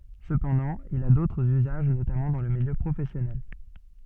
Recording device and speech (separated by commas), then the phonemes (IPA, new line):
soft in-ear microphone, read sentence
səpɑ̃dɑ̃ il a dotʁz yzaʒ notamɑ̃ dɑ̃ lə miljø pʁofɛsjɔnɛl